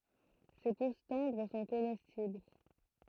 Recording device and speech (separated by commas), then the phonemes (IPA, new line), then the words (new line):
throat microphone, read sentence
se pus tɑ̃dʁ sɔ̃ komɛstibl
Ses pousses tendres sont comestibles.